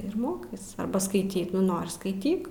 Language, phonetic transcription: Lithuanian, ir ˈmokais arˈba skaiˈty ˈnori skaiˈtyk

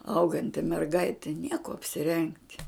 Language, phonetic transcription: Lithuanian, ˈauganti merˈgaiti nie kuo apsiˈrengt'

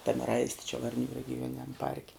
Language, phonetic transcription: Lithuanian, tam ˈraisti čia varˈnių regiˈjuoniniam ˈparke

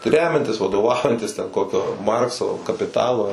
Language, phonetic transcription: Lithuanian, ˈremiantis vadoˈvaujantis ten ˈkokio ˈmarkso kapiˈtalo

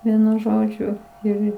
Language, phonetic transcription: Lithuanian, ˈvienu ˈžodžiu ir ˈir

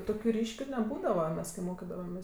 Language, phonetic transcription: Lithuanian, ˈtokiu ˈryškiu neˈbūdava ˈmes kai ˈmokidavamės

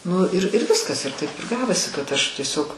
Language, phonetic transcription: Lithuanian, ˈnu ir ir ˈviskas ir taip ir ˈgavosi kad ˈaš tieˈsiog

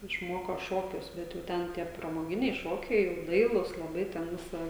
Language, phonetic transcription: Lithuanian, išˈmoko ˈšokius ˈbet jau ˈten tie pramoˈginiai ˈšokiai jau ˈdailūs laˈbai ten ˈvisa

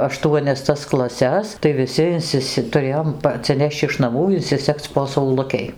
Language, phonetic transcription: Lithuanian, aˈštuonias tas klaˈses tai viˈsi inˈsisi tuˈrėjom pa atsiˈneš'č' iš naˈmų insiˈseg'c' po sauˈlukei

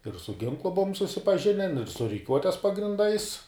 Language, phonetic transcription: Lithuanian, ir su ˈginklu ˈbuvom susipaˈžinen ir su riˈkiuotes pagrinˈdais

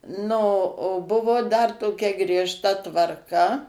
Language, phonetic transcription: Lithuanian, nu o ˈbuvo dar toˈkia griežˈta tvarˈka

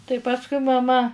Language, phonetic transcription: Lithuanian, tai ˈpaskui maˈma

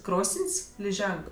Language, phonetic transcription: Lithuanian, ˈkrosən's' liˈženk

